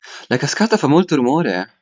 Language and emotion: Italian, surprised